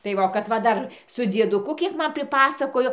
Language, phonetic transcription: Lithuanian, tai ˈva o kad va ˈdar su dzieduˈku ˈkiek ˈman priˈpasakojo

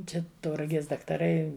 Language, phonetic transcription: Lithuanian, ˈčia tauraˈgės daktaˈrai

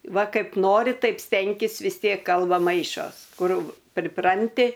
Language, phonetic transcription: Lithuanian, ˈva ˈkaip ˈnori ˈtaip ˈstenkis vis ˈtiek ˈkalba ˈmaišos ˈkur priˈpranti

